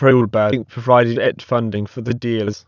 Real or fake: fake